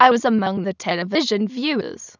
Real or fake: fake